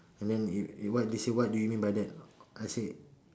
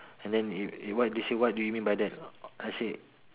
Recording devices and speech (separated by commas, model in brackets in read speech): standing microphone, telephone, conversation in separate rooms